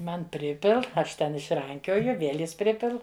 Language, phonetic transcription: Lithuanian, ˈman ˈpripil ˈaš ten išˈrankioju ˈviel' ˈjis ˈpripil

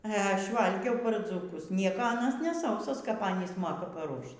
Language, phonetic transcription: Lithuanian, e ˈaš ˈvalgiau par dzūˈkus ˈnieko ˈanas ne ˈsausos kap ˈanys ˈmoka paˈruošt

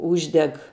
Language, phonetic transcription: Lithuanian, ˈūždeg

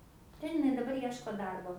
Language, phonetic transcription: Lithuanian, ˈten iˈnai daˈbar ˈieško ˈdarbo

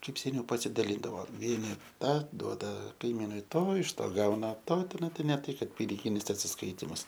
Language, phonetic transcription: Lithuanian, ˈkaip seˈniau pasidaˈlyndavo ˈvieni ˈtą ˈduoda kaiˈmynui ˈto iš ˈto ˈgauna ˈto tiˈnai ne ˈtai ˈkad piniˈginis atsisˈkaitimus

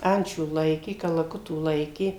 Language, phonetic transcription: Lithuanian, ˈančių ˈlaikė kalaˈkutų ˈlaikė

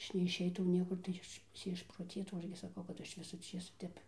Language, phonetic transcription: Lithuanian, ˈaš neišˈeitau ˈniekur tai ˈaš ti išproˈtėtau nu ˈaš gi saˈkau kad ˈaš ˈvisu ˈčėsu ˈtep

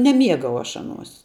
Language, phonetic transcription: Lithuanian, neˈmiegau ˈaš ˈaˌnuos

